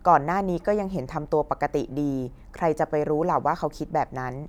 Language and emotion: Thai, neutral